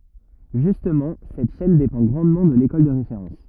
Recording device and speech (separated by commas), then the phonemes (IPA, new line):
rigid in-ear microphone, read sentence
ʒystmɑ̃ sɛt ʃɛn depɑ̃ ɡʁɑ̃dmɑ̃ də lekɔl də ʁefeʁɑ̃s